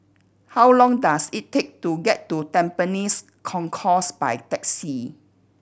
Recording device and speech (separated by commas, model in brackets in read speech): boundary microphone (BM630), read sentence